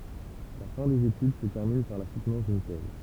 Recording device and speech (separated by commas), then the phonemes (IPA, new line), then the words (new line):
temple vibration pickup, read sentence
la fɛ̃ dez etyd sə tɛʁmin paʁ la sutnɑ̃s dyn tɛz
La fin des études se termine par la soutenance d'une thèse.